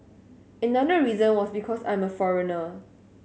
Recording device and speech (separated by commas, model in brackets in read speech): mobile phone (Samsung S8), read sentence